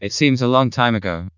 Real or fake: fake